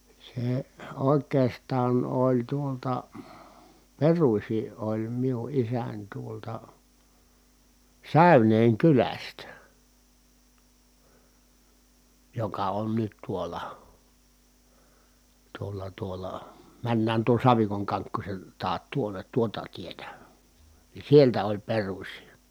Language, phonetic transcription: Finnish, se , òek̀eestaan oĺ tuolta , peruśi ʼoĺ miu ʼisäń tuolta , Sä̀yneeŋ kylästä , joka on nyt tuola , tuolla tuolla , männään tuon̬ Savikoŋ Kaŋkkuśen taat tuoǹet tuota tietä , ni sieltä oĺ peruśi .
- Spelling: se oikeastaan oli tuolta peruisin oli minun isäni tuolta Säyneen kylästä joka on nyt tuolla tuolla tuolla mennään tuon Savikon Kankkusen taa tuonne tuota tietä niin sieltä oli peruisin

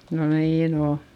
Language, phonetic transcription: Finnish, no niin ‿o .
- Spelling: no niin on

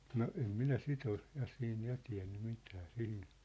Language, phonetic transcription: Finnish, no 'em minä "sit ‿ol , 'ja siin 'ja tiä̮nny 'mitä 'sihin̬ .
- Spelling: no en minä sitä ole ja siinä ja tiennyt mitä siihen

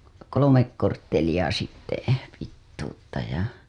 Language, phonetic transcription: Finnish, kolomek kortteliʲa sitte , pittuutta ja .
- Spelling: kolme korttelia sitten pituutta ja

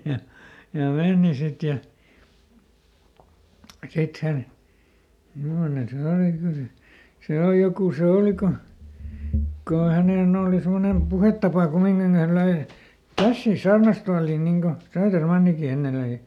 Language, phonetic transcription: Finnish, ja , ja ˈmèni ˈsit ja , ˈsit hän , ˈmimmone se ˈòli ˈkyl se , se ˈòl ˈjokù se "òli ko , ko ˈhänèn ‿ooli ˈsemmonem "puhettapa ˈkummiŋkin (et) häl löi , "kässiis ˈsaarnastualiin niŋ ko , ˈSööterˈmanniki ˈenne löi .
- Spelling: ja ja meni sitten ja sitten hän mimmoinen se oli kyllä se se oli joku se oli kun kun hänen oli semmoinen puhetapa kumminkin että hän löi käsiänsä saarnastuoliin niin kuin Södermankin ennen löi

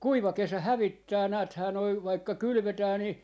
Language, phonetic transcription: Finnish, "kuiva 'kesä "hävittää 'nääthää 'noi vaikka 'kylʸvetää ni , .
- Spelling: kuiva kesä hävittää näethän noin vaikka kylvetään niin

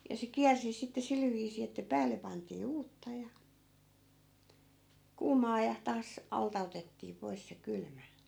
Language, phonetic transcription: Finnish, ja se "kiärsi sitte 'sil viisii että 'päälle pantii 'uutta ja , "kuumaa ja , 'taas , 'alta otettii 'pois se 'kylmä .
- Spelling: ja se kiersi sitten sillä viisiin että päälle pantiin uutta ja kuumaa ja taas alta otettiin pois se kylmä

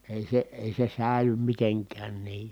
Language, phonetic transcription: Finnish, èi se , èi se sä̀i̮ly miteŋkään nii .
- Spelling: ei se ei se säily mitenkään niin

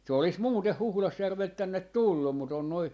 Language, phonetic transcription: Finnish, se olis 'muuteh "Huhlasjärvelt tännet "tullum mut ‿on noi ,.
- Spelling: se olisi muuten Huhdasjärveltä tänne tullut mutta on noin

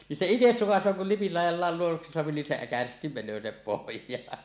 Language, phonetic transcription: Finnish, nin se 'ites 'sukas̆soo kul lipil làij̆jav vàel (luowuksi) soapi nin 'se 'äkäsestim men̆nöö sinnep "pohj̀aan .
- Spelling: niin se itse sukaisee kun lipin laidan vain luoduksi saa niin se äkäisesti menee sinne pohjaan

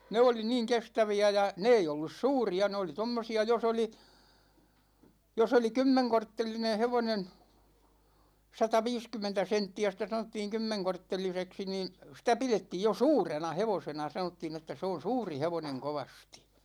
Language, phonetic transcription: Finnish, 'ne oli 'niiŋ "kestävi₍ä ja , 'ne ei 'ollus "suuri₍a 'ne oli 'tommosi₍a 'jos ‿oli , 'jos ‿oli "kymmeŋkorttelineḛ 'hevonen , 'sata'viiskymmentä 'sentti₍ä sitä sanottiiŋ 'kymmeŋkortteliseksi niin , sitä 'pilettiij jo "suurena 'hevosena 'sanottiin ‿että 'se on̬ "suuri 'hevoneŋ 'kovastI .
- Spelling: ne oli niin kestäviä ja ne ei ollut suuria ne oli tuommoisia jos oli jos oli kymmenkorttelinen hevonen sataviisikymmentä senttiä sitä sanottiin kymmenkortteliseksi niin sitä pidettiin jo suurena hevosena sanottiin että se on suuri hevonen kovasti

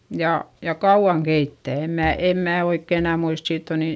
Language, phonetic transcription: Finnish, ja , ja kauᵛaŋ keittä̀ , em mää , em mää oikke enä muist - siitt ‿o ni ,.
- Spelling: ja ja kauan keittää en minä en minä oikein enää muista siitä on niin

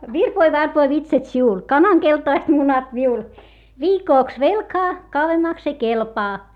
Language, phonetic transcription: Finnish, » virpoi varpoi vitsat siul , kanaŋ keltaist munat miul , viikòks velkaa , kauwemmaks ‿ei kelpaa .
- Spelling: virpoi varpoi vitsat sinulle kanan keltaiset munat minulle viikoksi velkaa kauemmaksi ei kelpaa

